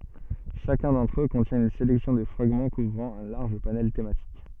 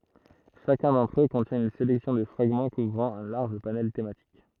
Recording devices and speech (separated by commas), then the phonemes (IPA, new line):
soft in-ear microphone, throat microphone, read sentence
ʃakœ̃ dɑ̃tʁ ø kɔ̃tjɛ̃ yn selɛksjɔ̃ də fʁaɡmɑ̃ kuvʁɑ̃ œ̃ laʁʒ panɛl tematik